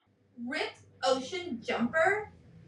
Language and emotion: English, disgusted